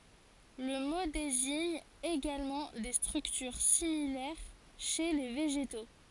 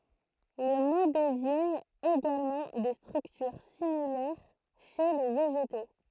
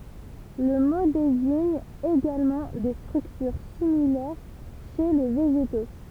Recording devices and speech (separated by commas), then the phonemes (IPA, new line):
forehead accelerometer, throat microphone, temple vibration pickup, read sentence
lə mo deziɲ eɡalmɑ̃ de stʁyktyʁ similɛʁ ʃe le veʒeto